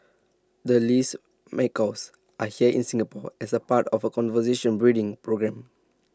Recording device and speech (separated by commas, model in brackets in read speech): standing microphone (AKG C214), read sentence